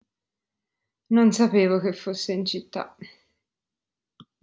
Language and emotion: Italian, sad